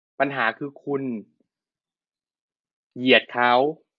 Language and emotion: Thai, frustrated